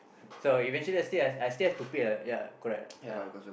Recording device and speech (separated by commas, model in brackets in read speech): boundary microphone, conversation in the same room